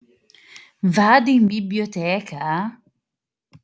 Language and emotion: Italian, surprised